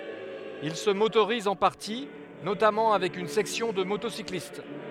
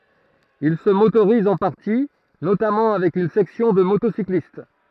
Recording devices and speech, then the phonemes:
headset microphone, throat microphone, read sentence
il sə motoʁiz ɑ̃ paʁti notamɑ̃ avɛk yn sɛksjɔ̃ də motosiklist

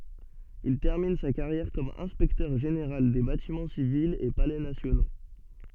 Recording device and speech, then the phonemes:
soft in-ear microphone, read sentence
il tɛʁmin sa kaʁjɛʁ kɔm ɛ̃spɛktœʁ ʒeneʁal de batimɑ̃ sivilz e palɛ nasjono

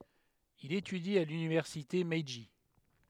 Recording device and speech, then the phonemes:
headset microphone, read sentence
il etydi a lynivɛʁsite mɛʒi

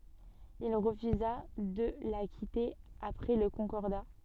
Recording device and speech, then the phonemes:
soft in-ear microphone, read sentence
il ʁəfyza də la kite apʁɛ lə kɔ̃kɔʁda

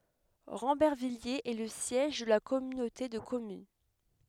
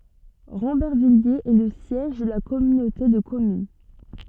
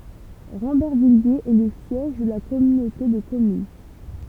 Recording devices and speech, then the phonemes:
headset microphone, soft in-ear microphone, temple vibration pickup, read sentence
ʁɑ̃bɛʁvijez ɛ lə sjɛʒ də la kɔmynote də kɔmyn

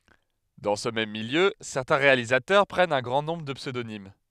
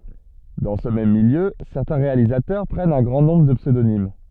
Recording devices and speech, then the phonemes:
headset microphone, soft in-ear microphone, read sentence
dɑ̃ sə mɛm miljø sɛʁtɛ̃ ʁealizatœʁ pʁɛnt œ̃ ɡʁɑ̃ nɔ̃bʁ də psødonim

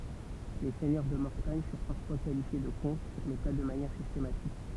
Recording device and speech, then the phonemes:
temple vibration pickup, read sentence
le sɛɲœʁ də mɔʁtaɲ fyʁ paʁfwa kalifje də kɔ̃t mɛ pa də manjɛʁ sistematik

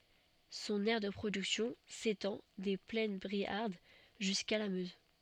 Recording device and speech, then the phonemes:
soft in-ear microphone, read sentence
sɔ̃n ɛʁ də pʁodyksjɔ̃ setɑ̃ de plɛn bʁiaʁd ʒyska la møz

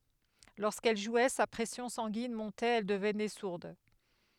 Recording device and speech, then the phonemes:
headset microphone, read sentence
loʁskɛl ʒwɛ sa pʁɛsjɔ̃ sɑ̃ɡin mɔ̃tɛt ɛl dəvnɛ suʁd

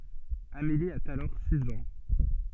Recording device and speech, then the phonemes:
soft in-ear microphone, read sentence
ameli a alɔʁ siz ɑ̃

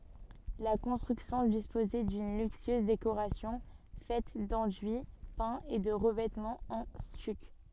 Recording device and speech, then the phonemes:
soft in-ear microphone, read sentence
la kɔ̃stʁyksjɔ̃ dispozɛ dyn lyksyøz dekoʁasjɔ̃ fɛt dɑ̃dyi pɛ̃z e də ʁəvɛtmɑ̃z ɑ̃ styk

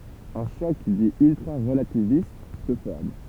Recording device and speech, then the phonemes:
temple vibration pickup, read sentence
œ̃ ʃɔk di yltʁaʁəlativist sə fɔʁm

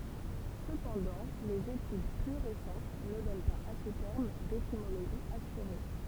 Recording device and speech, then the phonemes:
temple vibration pickup, read sentence
səpɑ̃dɑ̃ lez etyd ply ʁesɑ̃t nə dɔn paz a sə tɛʁm detimoloʒi asyʁe

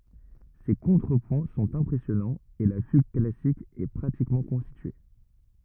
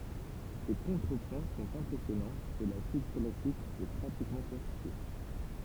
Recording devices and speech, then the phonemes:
rigid in-ear microphone, temple vibration pickup, read sentence
se kɔ̃tʁəpwɛ̃ sɔ̃t ɛ̃pʁɛsjɔnɑ̃z e la fyɡ klasik ɛ pʁatikmɑ̃ kɔ̃stitye

